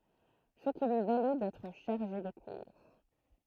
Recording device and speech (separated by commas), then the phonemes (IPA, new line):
throat microphone, read sentence
sə ki lyi valy dɛtʁ ʃaʁʒe də kuʁ